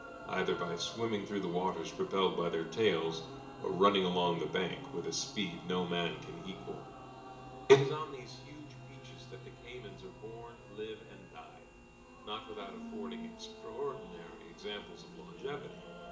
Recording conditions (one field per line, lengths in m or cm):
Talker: one person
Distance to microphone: 1.8 m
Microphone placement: close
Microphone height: 1.0 m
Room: large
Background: music